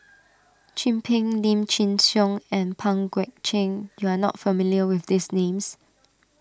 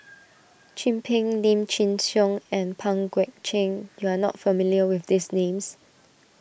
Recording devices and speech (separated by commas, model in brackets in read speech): standing microphone (AKG C214), boundary microphone (BM630), read sentence